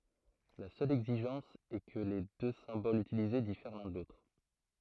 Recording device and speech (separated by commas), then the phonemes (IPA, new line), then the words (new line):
throat microphone, read sentence
la sœl ɛɡziʒɑ̃s ɛ kə le dø sɛ̃bolz ytilize difɛʁ lœ̃ də lotʁ
La seule exigence est que les deux symboles utilisés diffèrent l'un de l'autre.